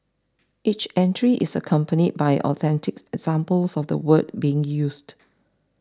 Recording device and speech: standing microphone (AKG C214), read sentence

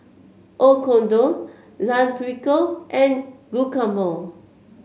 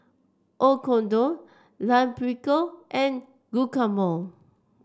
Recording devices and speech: mobile phone (Samsung C7), standing microphone (AKG C214), read sentence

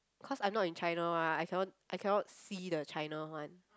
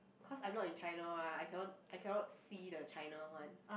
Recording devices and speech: close-talking microphone, boundary microphone, conversation in the same room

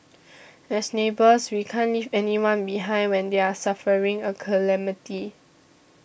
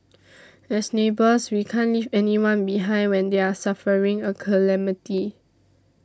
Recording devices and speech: boundary microphone (BM630), standing microphone (AKG C214), read sentence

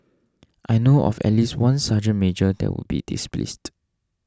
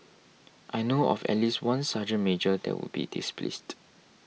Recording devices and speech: standing microphone (AKG C214), mobile phone (iPhone 6), read sentence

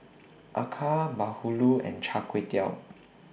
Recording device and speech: boundary microphone (BM630), read sentence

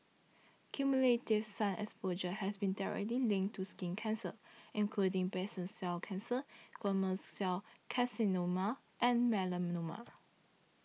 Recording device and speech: mobile phone (iPhone 6), read sentence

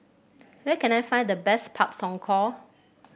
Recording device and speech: boundary microphone (BM630), read sentence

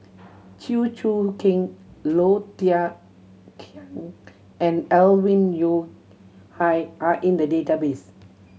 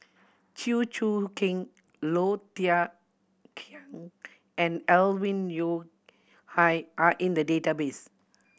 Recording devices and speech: mobile phone (Samsung C7100), boundary microphone (BM630), read sentence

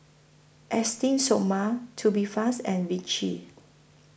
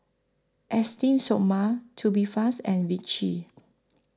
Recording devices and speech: boundary microphone (BM630), close-talking microphone (WH20), read sentence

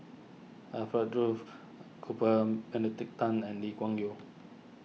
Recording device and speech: mobile phone (iPhone 6), read sentence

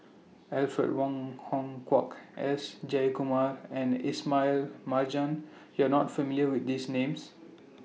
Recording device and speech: mobile phone (iPhone 6), read sentence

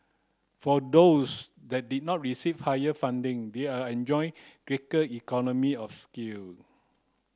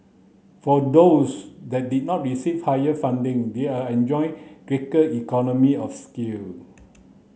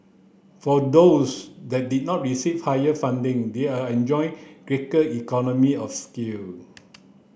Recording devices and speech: close-talking microphone (WH30), mobile phone (Samsung C9), boundary microphone (BM630), read sentence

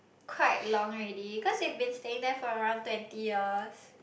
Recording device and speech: boundary microphone, conversation in the same room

